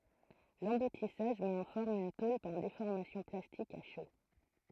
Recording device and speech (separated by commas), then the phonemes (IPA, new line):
throat microphone, read sentence
lɑ̃butisaʒ mɛt ɑ̃ fɔʁm yn tol paʁ defɔʁmasjɔ̃ plastik a ʃo